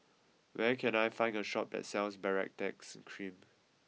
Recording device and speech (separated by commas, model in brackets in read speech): mobile phone (iPhone 6), read sentence